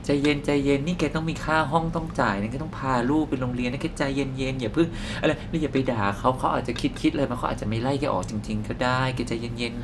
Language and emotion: Thai, neutral